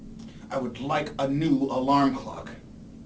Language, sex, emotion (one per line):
English
male
angry